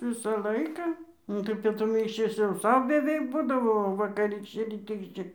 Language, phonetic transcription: Lithuanian, ˈvisa ˈlaika ˈnu tai pietuˈmi išˈvis jau ˈsau beˈveik ˈbūdavo o vakaˈrykščia ryˈtykščia

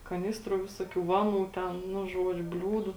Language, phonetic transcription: Lithuanian, kaˈnistrų ˈvisoˌkių ˈvaˌnų ten nu ˈžuodžiu ˈbliūdu

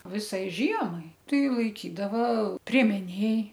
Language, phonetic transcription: Lithuanian, ˈvisai ˈžiemai ˈtai laiˈkydava priemeˈnėj

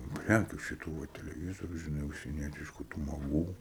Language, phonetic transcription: Lithuanian, ˈprækiu šiˈtų va teleˈvyzoriu žiˈnai užsieˈnietišku tų maˈgų

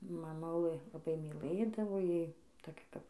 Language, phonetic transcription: Lithuanian, maˈmulɘ laˈbai myˈlɘdavo ˈjai toˈkia kap

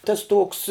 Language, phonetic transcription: Lithuanian, ˈtas ˈtuoks

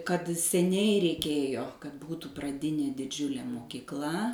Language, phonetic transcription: Lithuanian, kad seˈniai reiˈkėjo kad ˈbūtų praˈdinė diˈdžiulė mokykˈla

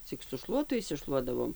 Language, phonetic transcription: Lithuanian, ˈcik su ˈšluotu išsiˈšluodavom

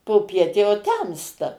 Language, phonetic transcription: Lithuanian, poˈpiet jau ˈtemsta

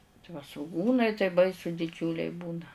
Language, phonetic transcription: Lithuanian, tai va svuˈgūnai tai ˈbaisu diˈdžiūliai ˈbūna

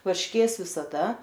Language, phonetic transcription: Lithuanian, varšˈkės visaˈda

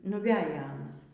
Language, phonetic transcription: Lithuanian, nuˈveja ˈanas

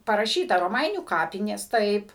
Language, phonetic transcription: Lithuanian, paraˈšyta roˈmainių ˈkapinės ˈtaip

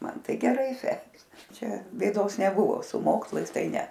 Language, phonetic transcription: Lithuanian, ˈman ˈtai geˈrai ˈsekės ˈčia bėˈdos neˈbuvo su ˈmokslais ˈtai ˈne

